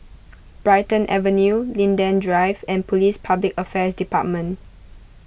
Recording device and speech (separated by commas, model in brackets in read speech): boundary microphone (BM630), read sentence